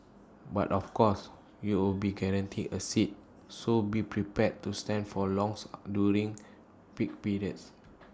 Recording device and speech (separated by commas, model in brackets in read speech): standing microphone (AKG C214), read sentence